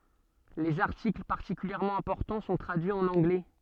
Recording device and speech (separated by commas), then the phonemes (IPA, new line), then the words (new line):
soft in-ear microphone, read sentence
lez aʁtikl paʁtikyljɛʁmɑ̃ ɛ̃pɔʁtɑ̃ sɔ̃ tʁadyiz ɑ̃n ɑ̃ɡlɛ
Les articles particulièrement importants sont traduits en anglais.